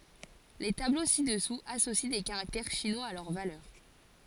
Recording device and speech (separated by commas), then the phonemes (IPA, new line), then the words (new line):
forehead accelerometer, read sentence
le tablo sidɛsuz asosi de kaʁaktɛʁ ʃinwaz a lœʁ valœʁ
Les tableaux ci-dessous associent des caractères chinois à leur valeur.